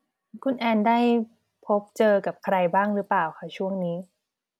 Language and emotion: Thai, neutral